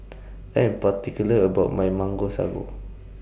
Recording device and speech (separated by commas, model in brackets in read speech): boundary microphone (BM630), read sentence